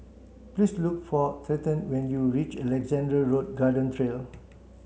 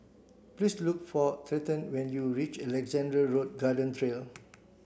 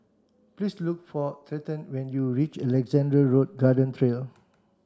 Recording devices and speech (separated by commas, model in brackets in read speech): mobile phone (Samsung C7), boundary microphone (BM630), standing microphone (AKG C214), read sentence